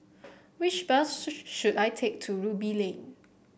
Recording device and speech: boundary microphone (BM630), read sentence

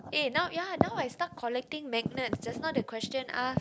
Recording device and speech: close-talking microphone, conversation in the same room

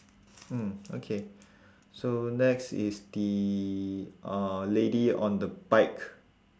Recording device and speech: standing microphone, conversation in separate rooms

